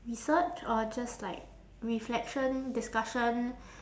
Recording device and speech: standing microphone, conversation in separate rooms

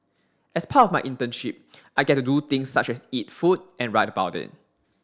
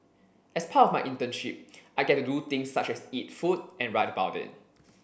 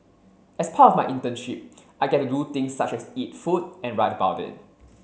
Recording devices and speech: standing microphone (AKG C214), boundary microphone (BM630), mobile phone (Samsung C7), read sentence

